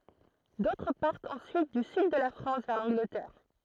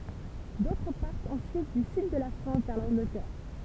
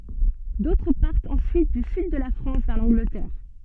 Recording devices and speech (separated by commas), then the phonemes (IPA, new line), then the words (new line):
throat microphone, temple vibration pickup, soft in-ear microphone, read sentence
dotʁ paʁtt ɑ̃syit dy syd də la fʁɑ̃s vɛʁ lɑ̃ɡlətɛʁ
D'autres partent ensuite du Sud de la France vers l'Angleterre.